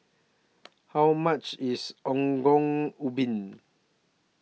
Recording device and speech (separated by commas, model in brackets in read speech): mobile phone (iPhone 6), read sentence